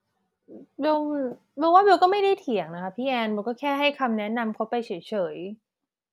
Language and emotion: Thai, frustrated